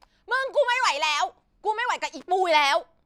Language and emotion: Thai, angry